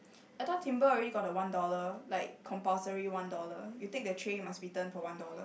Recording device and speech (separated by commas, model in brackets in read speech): boundary microphone, conversation in the same room